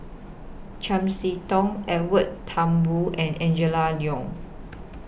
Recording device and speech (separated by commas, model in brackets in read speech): boundary microphone (BM630), read sentence